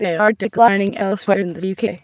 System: TTS, waveform concatenation